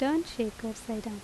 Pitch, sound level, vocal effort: 225 Hz, 80 dB SPL, normal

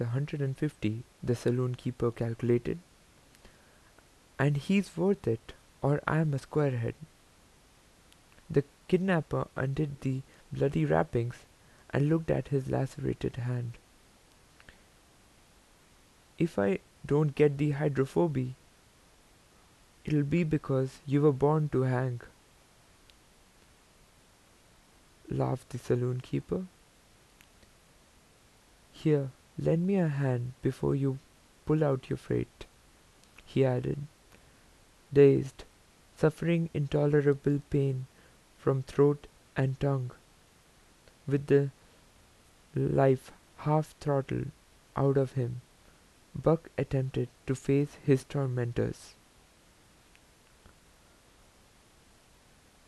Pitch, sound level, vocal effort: 135 Hz, 80 dB SPL, soft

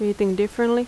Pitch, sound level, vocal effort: 210 Hz, 82 dB SPL, normal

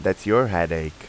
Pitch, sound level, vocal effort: 85 Hz, 89 dB SPL, normal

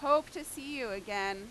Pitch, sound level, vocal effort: 280 Hz, 95 dB SPL, very loud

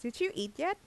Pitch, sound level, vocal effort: 240 Hz, 84 dB SPL, normal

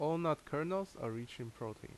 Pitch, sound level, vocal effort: 145 Hz, 82 dB SPL, normal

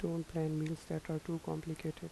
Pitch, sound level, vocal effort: 160 Hz, 78 dB SPL, soft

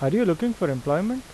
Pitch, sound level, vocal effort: 175 Hz, 86 dB SPL, normal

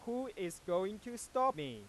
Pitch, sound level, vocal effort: 210 Hz, 98 dB SPL, loud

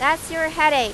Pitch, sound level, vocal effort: 310 Hz, 98 dB SPL, very loud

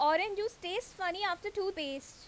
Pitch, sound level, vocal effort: 385 Hz, 91 dB SPL, very loud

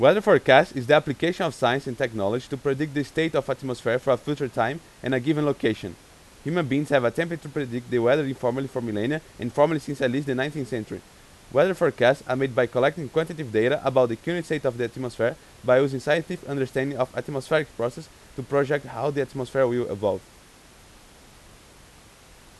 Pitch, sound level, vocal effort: 135 Hz, 91 dB SPL, very loud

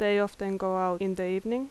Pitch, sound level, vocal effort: 195 Hz, 83 dB SPL, normal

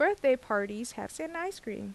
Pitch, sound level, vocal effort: 240 Hz, 85 dB SPL, normal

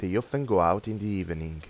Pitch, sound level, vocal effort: 95 Hz, 86 dB SPL, normal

